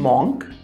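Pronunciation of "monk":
'Monk' is pronounced incorrectly here.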